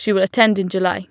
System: none